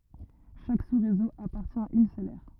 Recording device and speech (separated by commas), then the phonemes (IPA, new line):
rigid in-ear microphone, read sentence
ʃak susʁezo apaʁtjɛ̃ a yn sœl ɛʁ